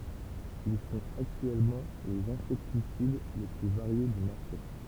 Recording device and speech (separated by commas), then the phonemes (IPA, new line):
temple vibration pickup, read sentence
il sɔ̃t aktyɛlmɑ̃ lez ɛ̃sɛktisid le ply vaʁje dy maʁʃe